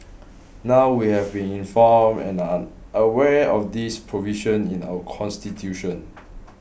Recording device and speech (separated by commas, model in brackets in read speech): boundary microphone (BM630), read sentence